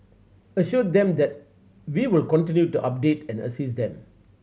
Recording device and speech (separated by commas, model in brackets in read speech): mobile phone (Samsung C7100), read sentence